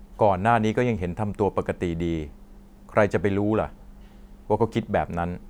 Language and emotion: Thai, neutral